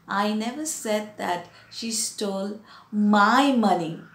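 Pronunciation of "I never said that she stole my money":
In 'I never said that she stole my money', the stress falls on 'my'.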